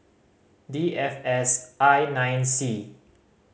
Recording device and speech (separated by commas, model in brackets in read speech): mobile phone (Samsung C5010), read sentence